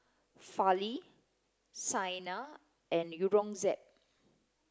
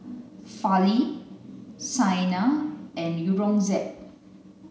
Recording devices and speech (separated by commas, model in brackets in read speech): close-talking microphone (WH30), mobile phone (Samsung C9), read sentence